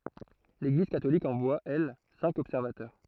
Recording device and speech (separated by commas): throat microphone, read sentence